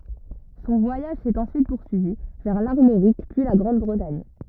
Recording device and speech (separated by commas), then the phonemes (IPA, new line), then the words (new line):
rigid in-ear microphone, read sentence
sɔ̃ vwajaʒ sɛt ɑ̃syit puʁsyivi vɛʁ laʁmoʁik pyi la ɡʁɑ̃dbʁətaɲ
Son voyage s'est ensuite poursuivi vers l'Armorique puis la Grande-Bretagne.